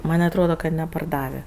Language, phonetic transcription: Lithuanian, ˈman' atˈroda ka neparˈdavė

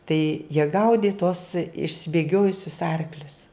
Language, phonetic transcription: Lithuanian, tai jie ˈgaudi tuos išsibėˈgiojusius ˈarklius

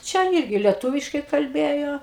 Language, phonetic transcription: Lithuanian, ˈčia ˈirgi lieˈtuviškai kalˈbėjo

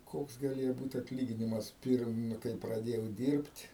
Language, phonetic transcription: Lithuanian, ˈkoks gaˈlėjo ˈbūt atˈlyginimas ˈpirm nu kai praˈdėjau ˈdyrbt'

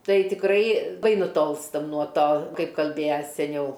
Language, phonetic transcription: Lithuanian, ˈtai tikˈrai ˈbai nuˈtolstam nuo ˈto ˈkaip kalˈbėja seˈniau

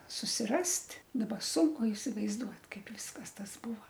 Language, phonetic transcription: Lithuanian, susiˈrast' daˈba ˈsunku isivaizˈduot ˈkaip ˈviskas ˈtas ˈbūva

